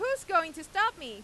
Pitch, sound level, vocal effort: 340 Hz, 101 dB SPL, very loud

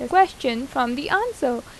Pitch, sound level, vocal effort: 265 Hz, 85 dB SPL, normal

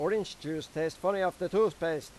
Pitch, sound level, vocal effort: 170 Hz, 96 dB SPL, loud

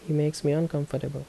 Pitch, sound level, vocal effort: 150 Hz, 75 dB SPL, soft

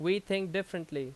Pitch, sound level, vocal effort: 185 Hz, 88 dB SPL, very loud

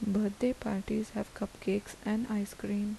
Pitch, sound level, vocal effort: 210 Hz, 75 dB SPL, soft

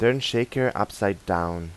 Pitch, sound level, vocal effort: 105 Hz, 87 dB SPL, normal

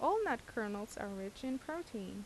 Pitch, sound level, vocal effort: 225 Hz, 82 dB SPL, normal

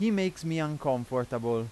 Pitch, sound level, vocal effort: 135 Hz, 92 dB SPL, loud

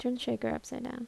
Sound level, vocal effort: 74 dB SPL, soft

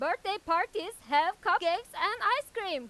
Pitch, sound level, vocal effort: 360 Hz, 102 dB SPL, very loud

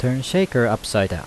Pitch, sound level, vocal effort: 120 Hz, 85 dB SPL, normal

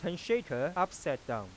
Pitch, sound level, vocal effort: 175 Hz, 93 dB SPL, normal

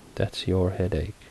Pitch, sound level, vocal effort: 90 Hz, 72 dB SPL, soft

